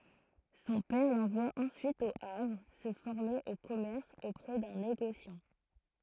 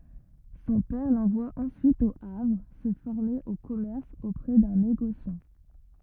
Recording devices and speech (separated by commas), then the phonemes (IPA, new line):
throat microphone, rigid in-ear microphone, read sentence
sɔ̃ pɛʁ lɑ̃vwa ɑ̃syit o avʁ sə fɔʁme o kɔmɛʁs opʁɛ dœ̃ neɡosjɑ̃